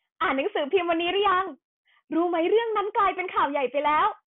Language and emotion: Thai, happy